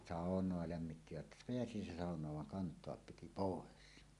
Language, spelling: Finnish, saunaa lämmittivät pääsi se saunaan vaan kantaa piti pois
- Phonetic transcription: sàoǹoa 'lämmittivät "peäsi se sàoǹaav vaŋ 'kant̀oap 'piti "pòes .

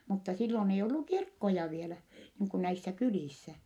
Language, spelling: Finnish, mutta silloin ei ollut kirkkoja vielä niin kuin näissä kylissä
- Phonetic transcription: mutta sillon ei ollu kirkkoja vielä , niiŋ kun näissä kylìssä .

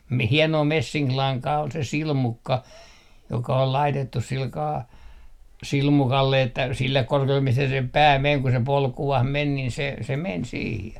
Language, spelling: Finnish, - hienoa messinkilankaa oli se silmukka joka oli laitettu sillä kalella silmukalle että sille korkeudelle mistä sen pää meni kun se polkuun meni niin se se meni siihen
- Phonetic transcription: mi 'hienoo 'messiŋk₍laŋkaa ol se "silmukka , joka ol 'laitettus silkaa , "silmukalle että 'sillek 'korke₍ullem 'mistä 'sem "pää 'meŋ ku se "polku₍h 'men nin se , se "men 'siihe .

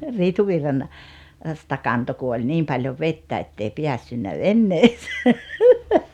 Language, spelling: Finnish, - Riitunvirrasta kantoi kun oli niin paljon vettä että ei päässyt veneeseen
- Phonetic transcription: 'Rituvirran , -sta 'kanto ku oĺ "niim paljov "vettä ettei 'piässynnä "venneese .

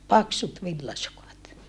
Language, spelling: Finnish, paksut villasukat
- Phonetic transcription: paksut villasukat .

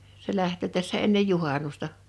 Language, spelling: Finnish, se lähtee tässä ennen juhannusta
- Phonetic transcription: se 'lähtö̀ 'tässä ennej 'juhanusta .

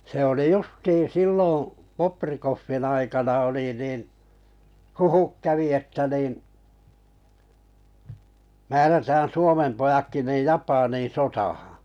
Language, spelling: Finnish, se oli justiin silloin Bobrikovin aikana oli niin huhut kävi että niin määrätään Suomen pojatkin niin Japaniin sotaan
- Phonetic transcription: se oli 'justiin̬ "silloo̰ , 'Poprikoffin aikana oli niiⁿ , "huhuk 'kävi 'että niiⁿ̬ , 'määrätään̬ "Suomem 'pojakki niij 'Japaniin "sotahaᵃ̰ .

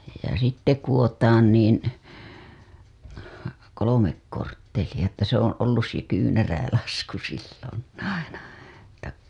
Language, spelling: Finnish, ja sitten kudotaan niin kolme korttelia että se on ollut se kyynärälasku silloin aina että
- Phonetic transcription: ja sitte kuWotaan niin , 'kolomek kortteliʲa että se ‿on ollus se 'kyynäräälasku siilon aina , [et]tä .

